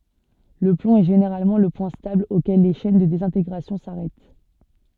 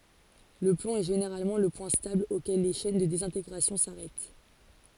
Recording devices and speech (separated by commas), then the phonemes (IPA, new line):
soft in-ear microphone, forehead accelerometer, read sentence
lə plɔ̃ ɛ ʒeneʁalmɑ̃ lə pwɛ̃ stabl okɛl le ʃɛn də dezɛ̃teɡʁasjɔ̃ saʁɛt